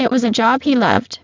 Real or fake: fake